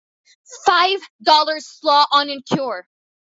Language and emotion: English, angry